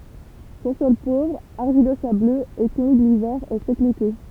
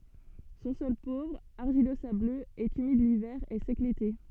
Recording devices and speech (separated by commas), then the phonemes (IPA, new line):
temple vibration pickup, soft in-ear microphone, read sentence
sɔ̃ sɔl povʁ aʁʒilozabløz ɛt ymid livɛʁ e sɛk lete